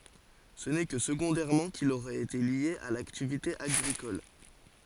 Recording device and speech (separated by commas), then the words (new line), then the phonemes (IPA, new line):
forehead accelerometer, read sentence
Ce n'est que secondairement qu'il aurait été lié à l'activité agricole.
sə nɛ kə səɡɔ̃dɛʁmɑ̃ kil oʁɛt ete lje a laktivite aɡʁikɔl